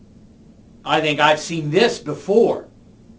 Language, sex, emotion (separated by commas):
English, male, neutral